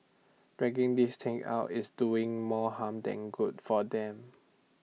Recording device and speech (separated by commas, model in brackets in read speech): mobile phone (iPhone 6), read sentence